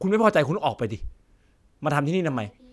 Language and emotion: Thai, frustrated